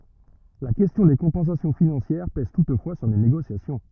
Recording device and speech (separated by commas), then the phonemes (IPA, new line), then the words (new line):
rigid in-ear microphone, read sentence
la kɛstjɔ̃ de kɔ̃pɑ̃sasjɔ̃ finɑ̃sjɛʁ pɛz tutfwa syʁ le neɡosjasjɔ̃
La question des compensations financières pèse toutefois sur les négociations.